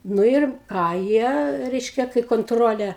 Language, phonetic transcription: Lithuanian, nu ir ˈką ˈjie ˈreiškia kai konˈtrolė

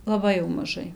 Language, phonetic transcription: Lithuanian, laˈbai jau maˈžai

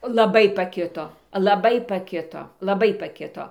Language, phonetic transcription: Lithuanian, laˈbai paˈkito laˈbai paˈkito laˈbai paˈkito

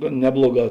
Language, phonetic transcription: Lithuanian, gan ˈnebloˌgā

